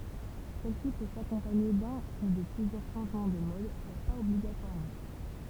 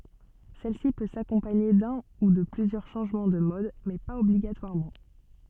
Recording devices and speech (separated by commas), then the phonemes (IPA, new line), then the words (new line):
temple vibration pickup, soft in-ear microphone, read sentence
sɛlsi pø sakɔ̃paɲe dœ̃ u də plyzjœʁ ʃɑ̃ʒmɑ̃ də mɔd mɛ paz ɔbliɡatwaʁmɑ̃
Celle-ci peut s'accompagner d'un ou de plusieurs changement de mode mais pas obligatoirement.